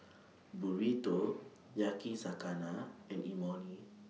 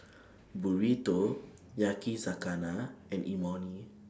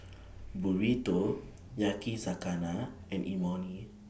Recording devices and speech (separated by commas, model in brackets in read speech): mobile phone (iPhone 6), standing microphone (AKG C214), boundary microphone (BM630), read sentence